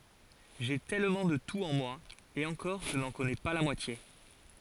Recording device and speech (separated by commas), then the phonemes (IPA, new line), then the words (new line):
forehead accelerometer, read sentence
ʒe tɛlmɑ̃ də tut ɑ̃ mwa e ɑ̃kɔʁ ʒə nɑ̃ kɔnɛ pa la mwatje
J'ai tellement de tout en moi, et encore je n'en connais pas la moitié.